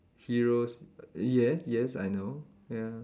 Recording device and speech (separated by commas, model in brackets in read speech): standing microphone, conversation in separate rooms